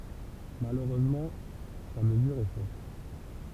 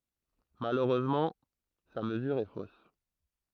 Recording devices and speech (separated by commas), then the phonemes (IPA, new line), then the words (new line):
temple vibration pickup, throat microphone, read sentence
maløʁøzmɑ̃ sa məzyʁ ɛ fos
Malheureusement, sa mesure est fausse.